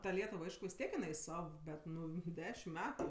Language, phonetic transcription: Lithuanian, ta ˈlietuv ˈaišku vis ˈtiek jiˈnai ˈsav ˈbet ˈnu ˈdešim ˈmetu

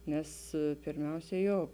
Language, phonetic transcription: Lithuanian, ˈnes pirˈmiausia ˈjo

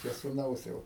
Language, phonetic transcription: Lithuanian, čia suˈnaus ˈjau

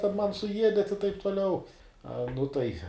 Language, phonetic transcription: Lithuanian, ˈten ˈman suˈjiedet i taip tuˈliau ˈa nu ˈtai

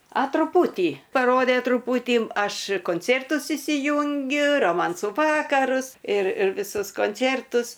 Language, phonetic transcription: Lithuanian, a truˈpūtį paˈrodė truˈpūtį ˈaš konˈcėrtus įsiˈjungiu roˈmansų ˈvakarus ir ir viˈsus konˈcėrtus

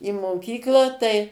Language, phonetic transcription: Lithuanian, i moˈkyklą tai

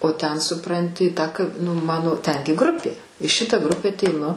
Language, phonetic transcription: Lithuanian, o ten suˈpranti ˈtą ka nu ˈmano ˈtengi ˈgrupė i ˈšita ˈgrupe ateiˈnu

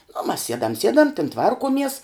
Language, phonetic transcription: Lithuanian, nu mas ˈsiedam ˈsiedam tin ˈtvarkuomies

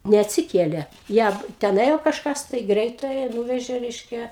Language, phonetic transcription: Lithuanian, neatsiˈkėlė ˈją ten ˈėjo kažˈkas tai ˈgreitąją ˈnūvežė ˈreiškia

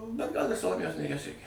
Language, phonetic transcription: Lithuanian, bet gal ir saloˈmėjos nėˈries ˈreikia

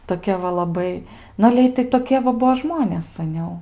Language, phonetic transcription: Lithuanian, toˈkia va laˈbai ˈnu ale ˈitai toˈkie va ˈbuo ˈžmonės saˈniau

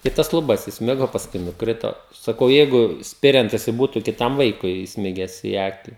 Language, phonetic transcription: Lithuanian, i ˈtas luˈbas isˈmigo pasˈkui nuˈkrito saˈkau ˈjeigu ˈspiriant jiˈsai ˈbūtu kiˈtam ˈvaikui isˈmigęs į ˈaki

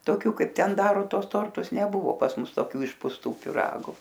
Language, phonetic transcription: Lithuanian, toˈkių ˈkaip ˈten ˈdaro ˈtuos ˈtortus neˈbuvo pas ˈmus toˈkių išpusˈtų piˈragu

